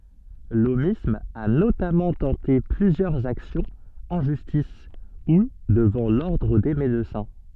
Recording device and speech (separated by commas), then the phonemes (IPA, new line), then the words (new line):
soft in-ear microphone, read sentence
lomism a notamɑ̃ tɑ̃te plyzjœʁz aksjɔ̃z ɑ̃ ʒystis u dəvɑ̃ lɔʁdʁ de medəsɛ̃
L'aumisme a notamment tenté plusieurs actions en justice ou devant l'Ordre des médecins.